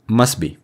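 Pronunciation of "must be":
In 'must be', a consonant is dropped and the two words are joined together into one.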